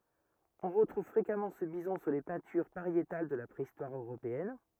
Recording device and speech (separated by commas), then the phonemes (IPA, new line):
rigid in-ear microphone, read sentence
ɔ̃ ʁətʁuv fʁekamɑ̃ sə bizɔ̃ syʁ le pɛ̃tyʁ paʁjetal də la pʁeistwaʁ øʁopeɛn